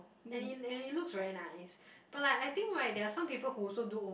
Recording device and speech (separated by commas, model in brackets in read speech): boundary microphone, conversation in the same room